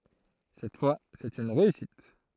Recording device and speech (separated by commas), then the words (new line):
throat microphone, read sentence
Cette fois, c’est une réussite.